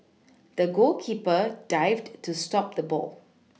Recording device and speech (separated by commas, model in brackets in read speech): mobile phone (iPhone 6), read sentence